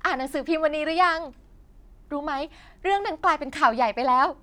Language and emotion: Thai, happy